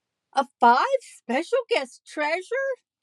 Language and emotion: English, happy